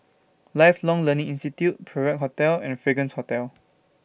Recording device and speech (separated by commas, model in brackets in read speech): boundary microphone (BM630), read sentence